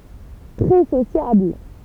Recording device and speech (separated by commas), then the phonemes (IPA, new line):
temple vibration pickup, read sentence
tʁɛ sosjabl